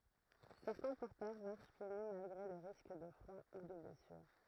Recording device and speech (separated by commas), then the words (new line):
throat microphone, read sentence
Certains porteurs marchent pieds nus malgré le risque de froid ou de blessure.